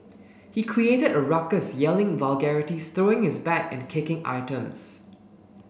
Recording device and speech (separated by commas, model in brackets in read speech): boundary microphone (BM630), read sentence